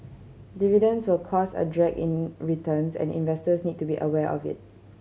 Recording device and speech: mobile phone (Samsung C7100), read sentence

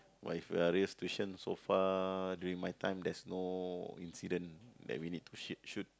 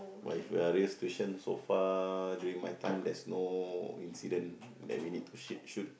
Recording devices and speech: close-talking microphone, boundary microphone, conversation in the same room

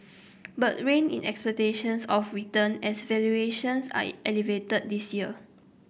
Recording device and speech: boundary microphone (BM630), read sentence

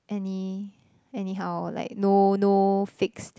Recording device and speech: close-talking microphone, conversation in the same room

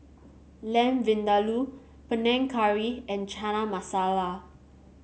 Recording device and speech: mobile phone (Samsung C7), read sentence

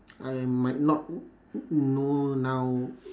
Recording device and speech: standing microphone, conversation in separate rooms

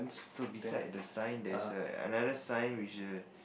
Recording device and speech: boundary microphone, conversation in the same room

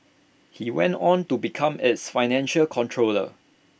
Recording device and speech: boundary microphone (BM630), read sentence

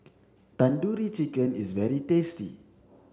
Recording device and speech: standing microphone (AKG C214), read sentence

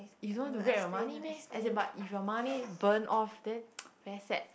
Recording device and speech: boundary microphone, conversation in the same room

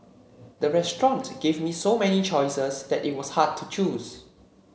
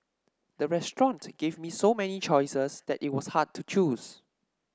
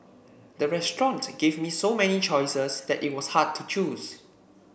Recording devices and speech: mobile phone (Samsung C7), standing microphone (AKG C214), boundary microphone (BM630), read sentence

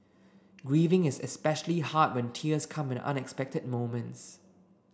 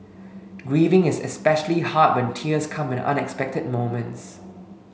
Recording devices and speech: standing microphone (AKG C214), mobile phone (Samsung S8), read sentence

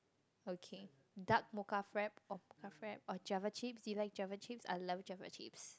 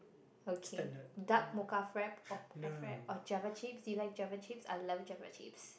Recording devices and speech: close-talking microphone, boundary microphone, conversation in the same room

